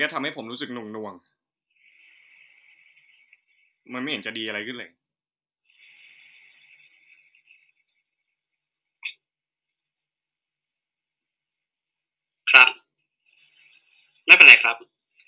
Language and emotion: Thai, frustrated